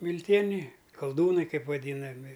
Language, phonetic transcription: Lithuanian, milˈtieniai kalˈdūnai ˈkaip vaˈdynami

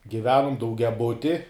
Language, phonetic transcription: Lithuanian, giˈvenum daugiaˈbuti

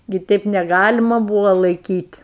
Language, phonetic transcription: Lithuanian, gi ˈteip neˈgalima ˈbūvo laiˈkyt'

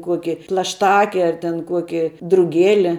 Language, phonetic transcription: Lithuanian, ˈkuoki plašˈtake ar ten ˈkuoki druˈgėli

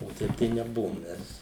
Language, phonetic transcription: Lithuanian, o ˈtaip tai neˈbuvom ˈmes

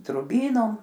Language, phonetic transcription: Lithuanian, druˈbynom

